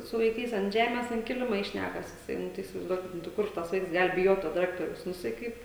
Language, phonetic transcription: Lithuanian, su vaiˈkais ant ˈžemes ant ˈkilima i ˈšnækas jiˈsai ˈnu tai isivaizˈduokit ˈnu tai ˈkur tas ˈvaiks ˈgal biˈjot to diˈrektoriaus nu jiˈsai ˈkaip

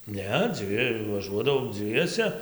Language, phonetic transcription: Lithuanian, ˈne ˈdzvi vaˈžuodavau ˈdzviese

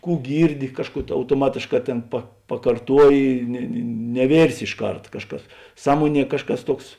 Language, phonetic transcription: Lithuanian, ˈkų ˈgyrˌdi ˈkažˌkų autoˈmatėšˌkā ˈtėn pa pakarˈtuoji ne ne neˈvėrsi išˈkart ˈkažˌkas ˈsąmuoˌnie ˈkažˌkas ˈtuoks

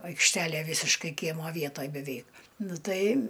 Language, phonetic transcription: Lithuanian, aikšˈtelė ˈvysiškai ˈkiemo ˈvietoj beˈveik ˈnu ˈtai

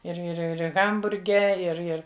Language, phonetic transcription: Lithuanian, ir ir ˈir ˈhamburge ir ˈir

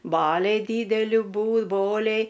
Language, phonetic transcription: Lithuanian, ˈbaliai ˈdydeli ˈbū ˈboliai

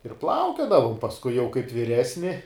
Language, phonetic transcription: Lithuanian, ir ˈplaukiodavum pasˈkui jau kaip viˈresni

